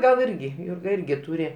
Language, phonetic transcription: Lithuanian, gal ˈirgi ˈjūrga ˈirgi ˈtūri

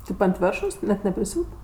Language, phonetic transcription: Lithuanian, ˈtėp ant ˈvėršos net nepriˈsiūt

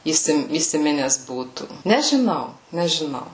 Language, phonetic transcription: Lithuanian, įˈsim įsiˈmines ˈbūtų nežiˈnau nežiˈnau

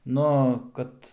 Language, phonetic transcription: Lithuanian, ˈnu ˈkad

